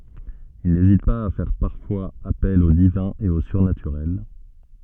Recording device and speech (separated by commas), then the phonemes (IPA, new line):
soft in-ear microphone, read sentence
il nezit paz a fɛʁ paʁfwaz apɛl o divɛ̃ e o syʁnatyʁɛl